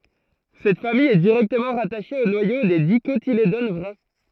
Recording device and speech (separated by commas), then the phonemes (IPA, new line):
throat microphone, read sentence
sɛt famij ɛ diʁɛktəmɑ̃ ʁataʃe o nwajo de dikotiledon vʁɛ